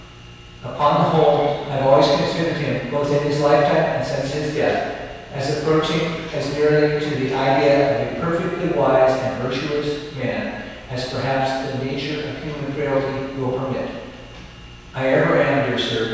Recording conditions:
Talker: one person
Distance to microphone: 7.1 m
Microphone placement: far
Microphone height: 1.7 m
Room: very reverberant, large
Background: television

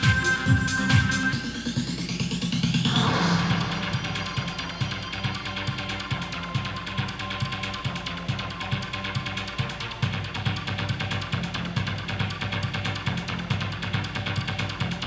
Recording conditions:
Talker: no one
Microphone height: 1.1 m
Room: very reverberant, large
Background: music

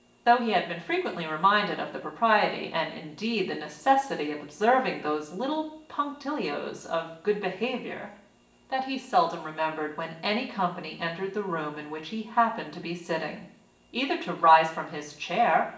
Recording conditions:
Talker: one person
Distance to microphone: 1.8 m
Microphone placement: close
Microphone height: 1.0 m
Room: large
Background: none

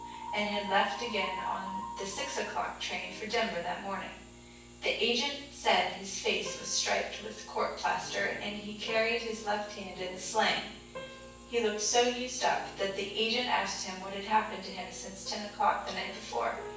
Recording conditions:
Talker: one person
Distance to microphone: 9.8 m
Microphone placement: far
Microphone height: 1.8 m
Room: large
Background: music

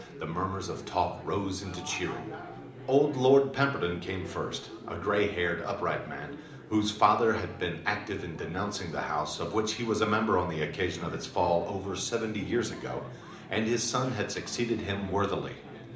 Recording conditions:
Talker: one person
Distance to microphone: 2.0 m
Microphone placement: close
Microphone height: 99 cm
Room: medium-sized (5.7 m by 4.0 m)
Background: babble

